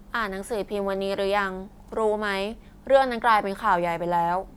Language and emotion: Thai, neutral